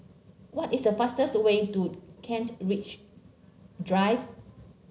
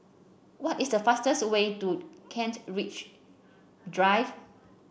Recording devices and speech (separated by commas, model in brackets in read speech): mobile phone (Samsung C7), boundary microphone (BM630), read sentence